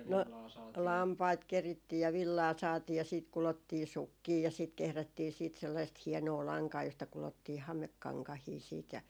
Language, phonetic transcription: Finnish, 'no , "lampait 'kerittii ja "villaa 'saatii ja siit 'kulottii "sukkii ja siit 'kehrättii siit sellaist 'hiɛnoo 'laŋkaa josta kulottii 'hamekkaŋkahii siit ja ,.
- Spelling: no lampaita kerittiin ja villaa saatiin ja siitä kudottiin sukkia ja siitä kehrättiin sitten sellaista hienoa lankaa josta kudottiin hamekankaita sitten ja

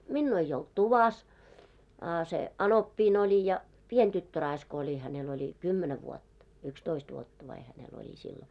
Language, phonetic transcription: Finnish, 'minnuu ei olt "tuvas , a se , '’§anoppiin ‿oĺi ja 'pien 'tyttö'raisk ‿oĺi hänel oĺi 'kymmenä 'vuotta , 'yks"toist 'vuotta vai hänel ‿oĺi sillo .
- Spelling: minua ei ollut tuvassa a se anoppini oli ja pieni tyttöraiska oli hänellä oli kymmenen vuotta yksitoista vuotta vai hänellä oli silloin

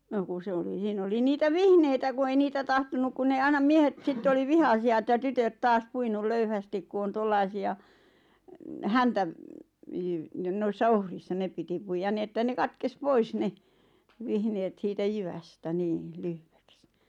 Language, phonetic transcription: Finnish, 'no ku 'sᵉ oli 'siin ‿oli "niitä "vihneitä ku 'ei "niitä 'tahtonuk kun nee 'ainam "miehet 'sitte oli "vihasi₍a että "tytöt 'taas 'puinul "löyhästik ku on 'tollaisi₍a , "häntäv- , jyv- ⁿᵉⁿ "noissa "ohrissa 'nep piti puijan 'ni että 'ne "katkes "pois 'ne , "vihneet siitä "jyvästä 'nii , "lyhᴠᴇks .
- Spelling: no kun se oli siinä oli niitä vihneitä kun ei niitä tahtonut kun ne aina miehet sitten oli vihaisia että tytöt taas puinut löyhästi kun on tuollaisia - - niin noissa ohrissa ne piti puida niin että ne katkesi pois ne vihneet siitä jyvästä niin lyhyeksi

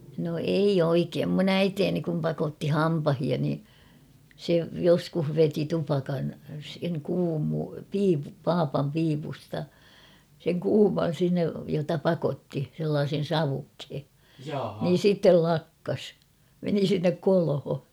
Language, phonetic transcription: Finnish, no 'eij ‿oikeem mun ‿"äiteeni kum 'pakotti "hampahia ni , 'se "joskuh 'veti 'tupakan , seŋ kuumu-'piipu- "paapam 'piipusta , seŋ 'kuuman̬ 'sinnej jota "pakotti , sellaasen̬ "savukhe , niin̬ "sittel 'lakkas ; meni 'sinnek 'kolho .
- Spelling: no ei oikein minun äitini kun pakotti hampaita niin se joskus veti tupakan sen - papan piipusta sen kuuman sinne jota pakotti sellaisen savukkeen niin sitten lakkasi meni sinne kolho

